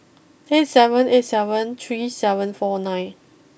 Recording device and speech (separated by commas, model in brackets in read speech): boundary microphone (BM630), read sentence